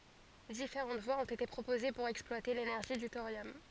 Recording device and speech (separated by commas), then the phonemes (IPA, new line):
forehead accelerometer, read sentence
difeʁɑ̃t vwaz ɔ̃t ete pʁopoze puʁ ɛksplwate lenɛʁʒi dy toʁjɔm